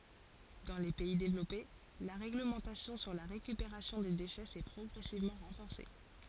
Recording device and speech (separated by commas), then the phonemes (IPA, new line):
forehead accelerometer, read sentence
dɑ̃ le pɛi devlɔpe la ʁeɡləmɑ̃tasjɔ̃ syʁ la ʁekypeʁasjɔ̃ de deʃɛ sɛ pʁɔɡʁɛsivmɑ̃ ʁɑ̃fɔʁse